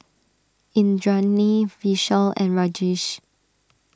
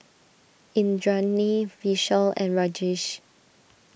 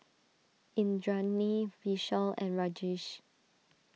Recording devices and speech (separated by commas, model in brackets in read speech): standing microphone (AKG C214), boundary microphone (BM630), mobile phone (iPhone 6), read sentence